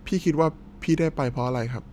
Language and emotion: Thai, neutral